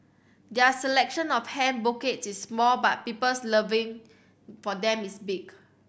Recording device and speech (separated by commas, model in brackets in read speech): boundary microphone (BM630), read sentence